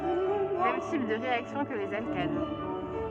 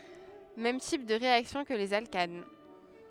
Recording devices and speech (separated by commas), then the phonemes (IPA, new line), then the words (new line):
soft in-ear microphone, headset microphone, read sentence
mɛm tip də ʁeaksjɔ̃ kə lez alkan
Mêmes types de réactions que les alcanes.